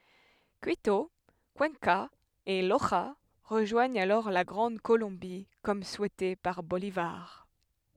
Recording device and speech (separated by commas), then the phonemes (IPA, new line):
headset microphone, read sentence
kito kyɑ̃ka e loʒa ʁəʒwaɲt alɔʁ la ɡʁɑ̃d kolɔ̃bi kɔm suɛte paʁ bolivaʁ